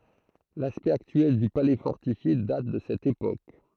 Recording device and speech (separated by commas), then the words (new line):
throat microphone, read sentence
L'aspect actuel du palais fortifié date de cette époque.